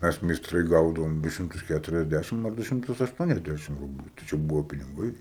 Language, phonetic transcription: Lithuanian, ˈmæs meisˈtrai ˈgaudavom ˈdu ˈšimtus ˌkæturiasˈdæšim ar ˈdu ˈšimtus ašˈtuoniasˌdæšim ˈrubliu tai ˈčia ˈbuvo piniˈgai

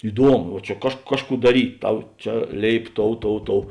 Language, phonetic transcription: Lithuanian, iˈduomu va ˈčia kaž ˈkažˌkų daˈryt' ˈtau ˈčia ˈlėip ˈtou ˈtou ˈtou

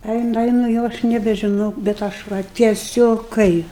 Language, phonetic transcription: Lithuanian, ˈeinu ˈeinu ˈjau aš nebežiˈnau bet ˈaš va tieˈsiog ˈkai

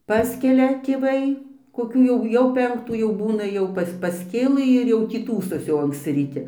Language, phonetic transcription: Lithuanian, ˈpaskelia tėˈvai koˈkių jau ˈjau ˈpenktų jau ˈbūna ˈjau pas pasˈkėlɨ ir jau tį ˈtųsosi anksˈci ryˈti

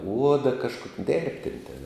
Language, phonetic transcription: Lithuanian, ˈuoda kažˈkok ˈdėrbtėn' tėn

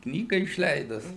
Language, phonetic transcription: Lithuanian, ˈknyga išˈleidus

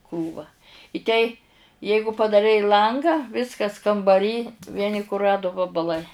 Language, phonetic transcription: Lithuanian, ˈkrūva i ˈtei ˈjeigu padaˈrei ˈlangą ˈviskas kambaˈry ˈvieni kuˈradu vabaˈlai

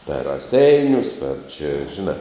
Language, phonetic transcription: Lithuanian, per raˈseinius per čia žiˈnā

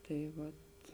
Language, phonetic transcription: Lithuanian, tai ˈvat

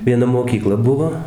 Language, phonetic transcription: Lithuanian, vieˈna moˈkykla ˈbuvo

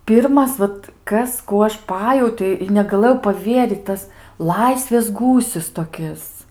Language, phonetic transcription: Lithuanian, ˈpirmas ˈvat ˈkas ˈkų aš ˈpajautio i negaˈlɘjau paˈvieryt ˈtas ˈlaisvės ˈgūsis toˈkis

